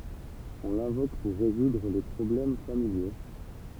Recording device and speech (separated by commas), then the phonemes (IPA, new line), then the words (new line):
temple vibration pickup, read sentence
ɔ̃ lɛ̃vok puʁ ʁezudʁ le pʁɔblɛm familjo
On l'invoque pour résoudre les problèmes familiaux.